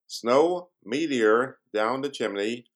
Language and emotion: English, neutral